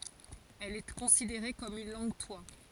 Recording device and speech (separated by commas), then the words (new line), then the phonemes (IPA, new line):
forehead accelerometer, read sentence
Elle est considérée comme une langue-toit.
ɛl ɛ kɔ̃sideʁe kɔm yn lɑ̃ɡtwa